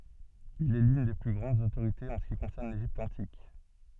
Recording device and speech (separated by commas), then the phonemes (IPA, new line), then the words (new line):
soft in-ear microphone, read sentence
il ɛ lyn de ply ɡʁɑ̃dz otoʁitez ɑ̃ sə ki kɔ̃sɛʁn leʒipt ɑ̃tik
Il est l'une des plus grandes autorités en ce qui concerne l'Égypte antique.